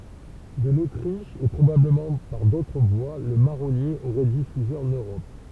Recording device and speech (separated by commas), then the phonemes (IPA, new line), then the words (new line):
temple vibration pickup, read sentence
də lotʁiʃ e pʁobabləmɑ̃ paʁ dotʁ vwa lə maʁɔnje oʁɛ difyze ɑ̃n øʁɔp
De l’Autriche et probablement par d’autres voies, le marronnier aurait diffusé en Europe.